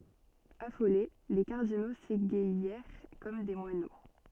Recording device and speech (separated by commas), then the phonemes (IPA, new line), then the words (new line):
soft in-ear microphone, read sentence
afole le kaʁdino seɡajɛʁ kɔm de mwano
Affolés, les cardinaux s’égaillèrent comme des moineaux.